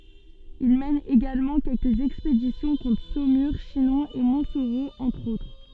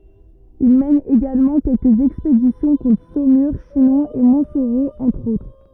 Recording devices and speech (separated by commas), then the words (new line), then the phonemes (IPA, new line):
soft in-ear microphone, rigid in-ear microphone, read sentence
Il mène également quelques expéditions contre Saumur, Chinon, et Montsoreau entre autres.
il mɛn eɡalmɑ̃ kɛlkəz ɛkspedisjɔ̃ kɔ̃tʁ somyʁ ʃinɔ̃ e mɔ̃tsoʁo ɑ̃tʁ otʁ